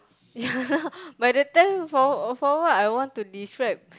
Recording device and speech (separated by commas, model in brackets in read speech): close-talking microphone, conversation in the same room